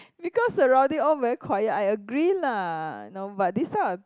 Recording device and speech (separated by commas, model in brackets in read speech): close-talking microphone, conversation in the same room